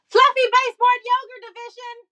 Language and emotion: English, surprised